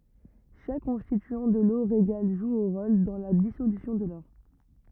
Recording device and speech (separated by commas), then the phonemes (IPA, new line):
rigid in-ear microphone, read sentence
ʃak kɔ̃stityɑ̃ də lo ʁeɡal ʒu œ̃ ʁol dɑ̃ la disolysjɔ̃ də lɔʁ